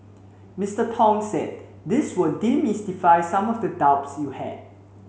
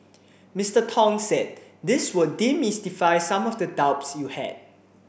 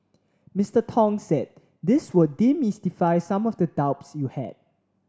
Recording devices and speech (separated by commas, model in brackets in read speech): mobile phone (Samsung C7), boundary microphone (BM630), standing microphone (AKG C214), read sentence